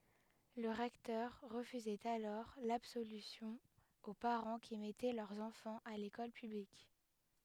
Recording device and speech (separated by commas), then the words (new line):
headset microphone, read sentence
Le recteur refusait alors l'absolution aux parents qui mettaient leurs enfants à l'école publique.